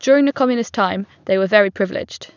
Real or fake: real